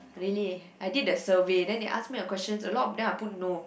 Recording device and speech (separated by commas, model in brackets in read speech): boundary microphone, conversation in the same room